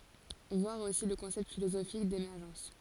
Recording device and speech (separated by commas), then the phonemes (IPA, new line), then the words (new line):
forehead accelerometer, read sentence
vwaʁ osi lə kɔ̃sɛpt filozofik demɛʁʒɑ̃s
Voir aussi le concept philosophique d'émergence.